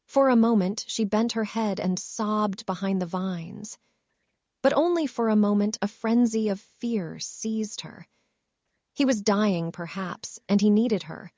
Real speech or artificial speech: artificial